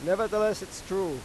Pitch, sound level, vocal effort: 190 Hz, 97 dB SPL, very loud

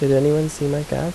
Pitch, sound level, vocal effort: 145 Hz, 80 dB SPL, soft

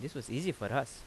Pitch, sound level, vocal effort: 135 Hz, 83 dB SPL, normal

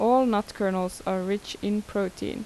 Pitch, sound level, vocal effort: 205 Hz, 82 dB SPL, normal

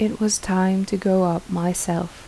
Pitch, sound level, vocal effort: 185 Hz, 77 dB SPL, soft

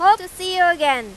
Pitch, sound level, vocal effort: 360 Hz, 103 dB SPL, very loud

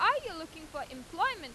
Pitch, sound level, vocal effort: 320 Hz, 97 dB SPL, loud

